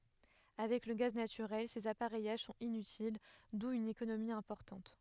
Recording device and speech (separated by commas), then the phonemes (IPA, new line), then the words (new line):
headset microphone, read sentence
avɛk lə ɡaz natyʁɛl sez apaʁɛjaʒ sɔ̃t inytil du yn ekonomi ɛ̃pɔʁtɑ̃t
Avec le gaz naturel, ces appareillages sont inutiles, d'où une économie importante.